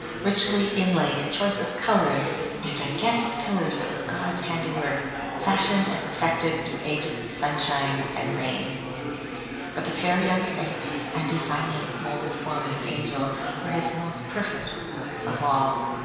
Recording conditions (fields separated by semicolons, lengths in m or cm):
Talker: one person; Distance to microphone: 1.7 m; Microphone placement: close; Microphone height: 1.0 m; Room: very reverberant, large; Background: babble